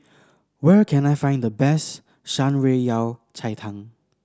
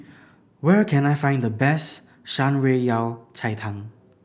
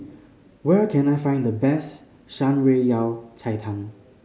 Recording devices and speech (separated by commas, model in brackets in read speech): standing microphone (AKG C214), boundary microphone (BM630), mobile phone (Samsung C5010), read sentence